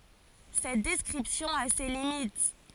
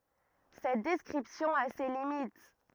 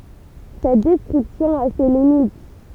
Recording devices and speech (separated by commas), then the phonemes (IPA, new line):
forehead accelerometer, rigid in-ear microphone, temple vibration pickup, read sentence
sɛt dɛskʁipsjɔ̃ a se limit